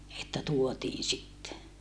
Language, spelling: Finnish, että tuotiin sitten
- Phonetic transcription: että tuotiin sitte .

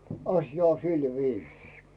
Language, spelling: Finnish, asia on sillä viisin
- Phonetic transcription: 'asja ‿o 'silviisii .

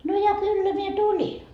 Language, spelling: Finnish, no ja kyllä minä tulin
- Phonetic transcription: no ja 'kyllä 'mie "tuĺi .

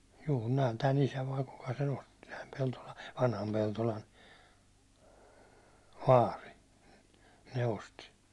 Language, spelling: Finnish, juu ne on tämän isä vai kuka sen osti tämän Peltolan vanhan Peltolan vaari ne osti
- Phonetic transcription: juu ne on 'tä"n ‿isä vai 'kuka se'n ‿osti , täm 'Peltola , 'vanham 'Peltolan , "vaari , ne 'osti .

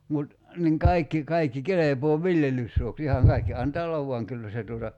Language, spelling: Finnish, mutta niin kaikki kaikki kelpaa viljelyssuoksi ihan kaikki antaa olla vaan kyllä se tuota
- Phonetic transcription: mut , niiŋ 'kaikki , 'kaikki "kelepoo "viljelyssuoks 'ihaŋ 'kaikki 'antaa ollav vuaŋ 'kyllä se tuota ,.

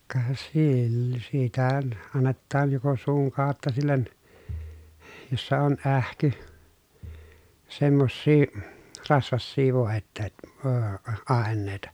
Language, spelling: Finnish, ka - sitä annetaan joko suun kautta sille jossa on ähky semmoisia rasvaisia - - aineita
- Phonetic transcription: ka sill- , sitä , annettaan joko suuŋ kàotta sillen , jossa on ʼähky , semmossii , rasvassii vòetteet- , öö , àen̆nèi̮ta .

